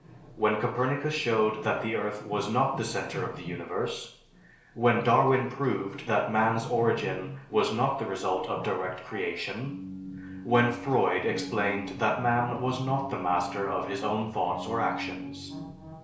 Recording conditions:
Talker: one person; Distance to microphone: 1.0 m; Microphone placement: close; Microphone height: 1.1 m; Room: small (3.7 m by 2.7 m); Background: television

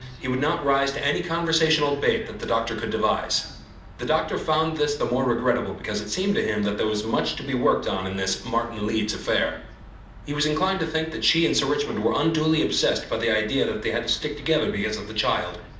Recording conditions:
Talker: one person; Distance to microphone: 2.0 m; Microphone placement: close; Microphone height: 99 cm; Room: medium-sized (5.7 m by 4.0 m); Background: television

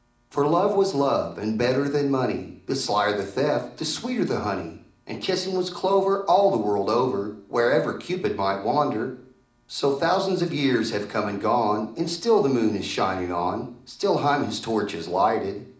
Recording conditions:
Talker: one person; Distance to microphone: 2.0 m; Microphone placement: close; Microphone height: 99 cm; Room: medium-sized (5.7 m by 4.0 m); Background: none

